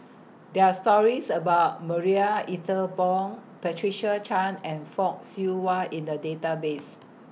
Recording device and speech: mobile phone (iPhone 6), read sentence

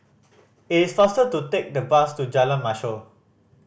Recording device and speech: boundary microphone (BM630), read sentence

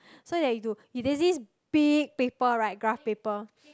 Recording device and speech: close-talking microphone, conversation in the same room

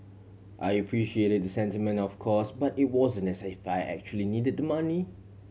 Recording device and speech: mobile phone (Samsung C7100), read sentence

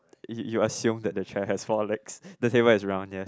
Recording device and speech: close-talking microphone, conversation in the same room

